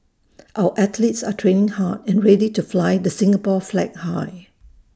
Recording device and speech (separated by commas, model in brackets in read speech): standing microphone (AKG C214), read sentence